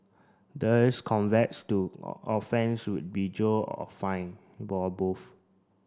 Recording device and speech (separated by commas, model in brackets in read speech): standing microphone (AKG C214), read sentence